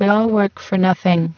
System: VC, spectral filtering